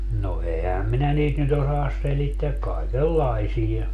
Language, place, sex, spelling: Finnish, Padasjoki, male, no enhän minä niitä nyt osaa selittää kaikenlaisia
- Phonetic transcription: no 'ehäm minä niit nyt ‿osaas 'selitteäk "kaikel"laisija .

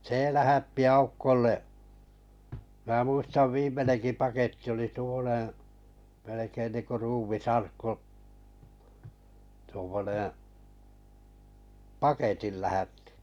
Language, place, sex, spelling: Finnish, Kalajoki, male, se lähetti Aukolle minä muistan viimeinenkin paketti oli tuommoinen melkein niin kuin ruumisarkku tuommoinen paketin lähetti
- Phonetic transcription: se 'lähätti "aukkolle’ , mä ’muistav "viim̆meneŋki paketti oli tuo(mmo)neḛ melekein niiŋku 'ruumis'arkku , tuommoneḛ , "paketil lähättɪ .

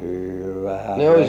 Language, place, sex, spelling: Finnish, Kurkijoki, male, kyllähän minä
- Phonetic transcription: kyllähä 'mie - - .

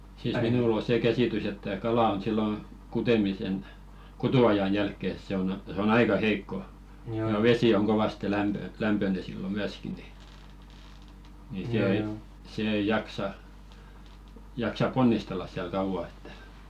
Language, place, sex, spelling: Finnish, Velkua, male, siis minulla on se käsitys että kala on silloin kutemisen kutuajan jälkeen se on se on aika heikko ja vesi on kovasti - lämpöinen silloin myöskin niin niin se ei se ei jaksa jaksa ponnistella siellä kauan että
- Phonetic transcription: siis 'minul ‿o 'see "käsìtys ‿että 'kalà on sillo , 'kutemisen , "kutu₍ajan 'jälkke , 'se on a-se on 'aika "heikko , ja "vesi oŋ kovaste 'lämpö- 'lämpöne sillo "myäski ni , ni 'se "ei , se ei 'jaksa , jaksap̆ "ponnistellas siäl 'kauvà ettᴀ̈ .

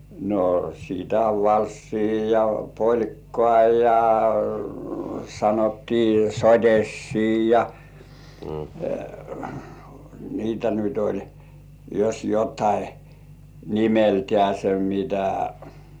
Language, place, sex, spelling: Finnish, Kurkijoki, male, no sitä on valssia ja polkkaa ja sanottiin sottiisia ja niitä nyt oli jos jotakin nimeltänsä niitä
- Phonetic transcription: no , sitä ov "valssii ja "poĺkkŏà ja , sanottii "soᴅ̀essii ja , niitä nyt ‿oĺ , jos jot̀ai , 'nimeltĕä̀§se niitä .

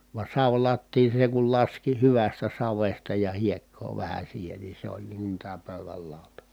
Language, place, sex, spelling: Finnish, Kitee, male, vaan savilattian sen kun laski hyvästä savesta ja hiekkaa vähän siihen niin se oli niin kuin tämä pöydän lauta
- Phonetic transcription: va savlattiin̬ seŋ kul laski hyvästä savesta ja hiekkoo vähä siihen ni se ‿oĺ niiŋ kun tää pö̀yväl làota .

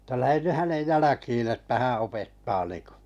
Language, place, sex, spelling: Finnish, Kalajoki, male, että lähden nyt hänen jälkiin että hän opettaa niin kuin
- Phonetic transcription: tä » 'lähen ny 'hänej "jäläkiin̬ että "hää̰ 'opettaa niiᵑko « .

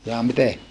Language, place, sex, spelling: Finnish, Saarijärvi, male, jaa miten
- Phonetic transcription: jaa mite ?

